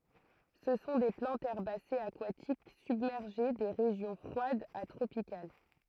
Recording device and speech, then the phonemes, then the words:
throat microphone, read sentence
sə sɔ̃ de plɑ̃tz ɛʁbasez akwatik sybmɛʁʒe de ʁeʒjɔ̃ fʁwadz a tʁopikal
Ce sont des plantes herbacées aquatiques, submergées, des régions froides à tropicales.

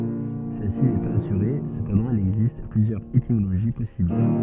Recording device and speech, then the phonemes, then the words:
soft in-ear microphone, read sentence
sɛlsi nɛ paz asyʁe səpɑ̃dɑ̃ il ɛɡzist plyzjœʁz etimoloʒi pɔsibl
Celle-ci n'est pas assurée, cependant il existe plusieurs étymologies possibles.

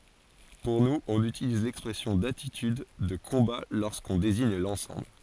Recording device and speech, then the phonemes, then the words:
forehead accelerometer, read sentence
puʁ nuz ɔ̃n ytiliz lɛkspʁɛsjɔ̃ datityd də kɔ̃ba loʁskɔ̃ deziɲ lɑ̃sɑ̃bl
Pour nous, on utilise l’expression d’attitude de combat lorsqu’on désigne l’ensemble.

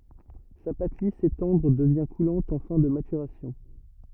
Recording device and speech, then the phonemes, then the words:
rigid in-ear microphone, read sentence
sa pat lis e tɑ̃dʁ dəvjɛ̃ kulɑ̃t ɑ̃ fɛ̃ də matyʁasjɔ̃
Sa pâte lisse et tendre devient coulante en fin de maturation.

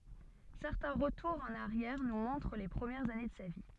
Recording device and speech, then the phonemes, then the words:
soft in-ear microphone, read sentence
sɛʁtɛ̃ ʁətuʁz ɑ̃n aʁjɛʁ nu mɔ̃tʁ le pʁəmjɛʁz ane də sa vi
Certains retours en arrière nous montrent les premières années de sa vie.

